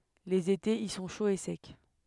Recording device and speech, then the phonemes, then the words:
headset microphone, read sentence
lez etez i sɔ̃ ʃoz e sɛk
Les étés y sont chauds et secs.

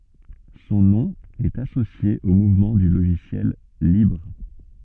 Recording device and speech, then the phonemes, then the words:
soft in-ear microphone, read sentence
sɔ̃ nɔ̃ ɛt asosje o muvmɑ̃ dy loʒisjɛl libʁ
Son nom est associé au mouvement du logiciel libre.

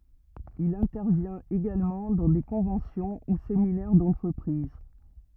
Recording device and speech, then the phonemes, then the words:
rigid in-ear microphone, read sentence
il ɛ̃tɛʁvjɛ̃t eɡalmɑ̃ dɑ̃ de kɔ̃vɑ̃sjɔ̃ u seminɛʁ dɑ̃tʁəpʁiz
Il intervient également dans des conventions ou séminaires d'entreprises.

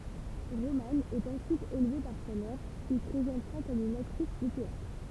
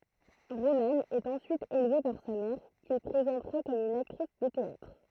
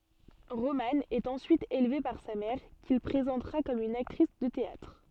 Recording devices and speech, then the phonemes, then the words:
temple vibration pickup, throat microphone, soft in-ear microphone, read sentence
ʁomɑ̃ ɛt ɑ̃syit elve paʁ sa mɛʁ kil pʁezɑ̃tʁa kɔm yn aktʁis də teatʁ
Roman est ensuite élevé par sa mère, qu'il présentera comme une actrice de théâtre.

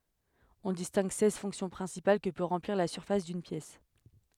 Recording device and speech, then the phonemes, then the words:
headset microphone, read sentence
ɔ̃ distɛ̃ɡ sɛz fɔ̃ksjɔ̃ pʁɛ̃sipal kə pø ʁɑ̃pliʁ la syʁfas dyn pjɛs
On distingue seize fonctions principales que peut remplir la surface d'une pièce.

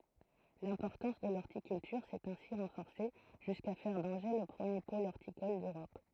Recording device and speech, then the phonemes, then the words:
throat microphone, read sentence
lɛ̃pɔʁtɑ̃s də lɔʁtikyltyʁ sɛt ɛ̃si ʁɑ̃fɔʁse ʒyska fɛʁ dɑ̃ʒe lə pʁəmje pol ɔʁtikɔl døʁɔp
L'importance de l'horticulture s’est ainsi renforcée jusqu'à faire d'Angers le premier pôle horticole d’Europe.

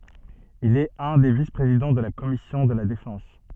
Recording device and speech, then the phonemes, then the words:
soft in-ear microphone, read sentence
il ɛt œ̃ de vispʁezidɑ̃ də la kɔmisjɔ̃ də la defɑ̃s
Il est un des vice-présidents de la commission de la Défense.

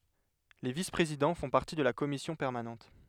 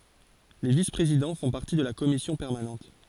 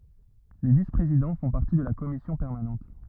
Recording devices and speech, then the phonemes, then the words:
headset microphone, forehead accelerometer, rigid in-ear microphone, read sentence
le vispʁezidɑ̃ fɔ̃ paʁti də la kɔmisjɔ̃ pɛʁmanɑ̃t
Les vice-présidents font partie de la commission permanente.

